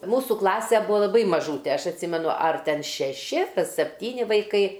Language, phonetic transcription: Lithuanian, ˈmūsu ˈklase ˈbua laˈbai maˈžūte ˈaš atˈsimenu ar ˈten šeˈši sepˈtyni vaiˈkai

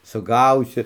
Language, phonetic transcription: Lithuanian, suˈgausi

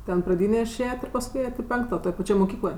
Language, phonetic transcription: Lithuanian, ˈten praˈdynė iˈšėjet' ir pasˈkui ˈėjat' i ˈpenkto toj paˈčioj moˈkykloj

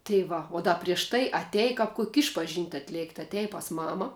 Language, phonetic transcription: Lithuanian, tai ˈva o ˈda prieš ˈtai aˈtej ˈkap ˈkuk' ˈišpažint' atˈlėkt' aˈtej pas ˈmama

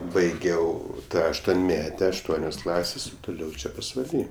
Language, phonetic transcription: Lithuanian, baiˈgiau aštuonˈmete ašˈtuonios ˈklasės o tuˈliau ˈčia pasvaˈly

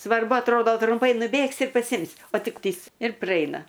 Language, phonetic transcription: Lithuanian, svarˈbu atˈrodo trumˈpai nuˈbėgsi ir paˈsimsi o ˈtik ˈpyst ir praˈeina

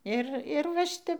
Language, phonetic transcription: Lithuanian, ˈir ir va ˈšitep

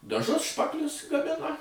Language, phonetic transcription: Lithuanian, daˈžus ˈšpaklius gaˈmina

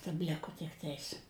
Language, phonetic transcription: Lithuanian, tabˈliku tikˈtais

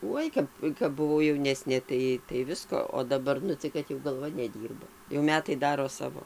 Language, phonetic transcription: Lithuanian, ˈuoj kap kap buˈvau jauˈnesnė tai tai ˈvisko o daˈbar ˈnu tai kad jau galˈva neˈdyrba jau ˈmetai ˈdaro ˈsavo

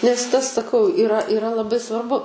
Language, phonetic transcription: Lithuanian, nes ˈtas saˈkau iˈra iˈra laˈbai svarˈbu

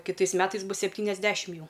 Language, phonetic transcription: Lithuanian, kiˈtais ˈmetais ˈbus septyniasˈdešim ˈjau

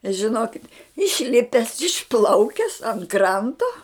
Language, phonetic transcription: Lithuanian, žiˈnokit' išˈlipes išˈplaukes ant ˈkranto

